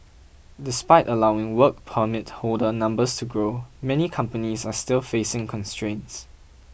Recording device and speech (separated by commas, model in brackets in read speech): boundary microphone (BM630), read sentence